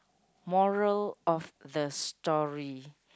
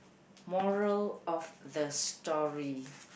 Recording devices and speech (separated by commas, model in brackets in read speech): close-talking microphone, boundary microphone, conversation in the same room